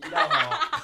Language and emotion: Thai, happy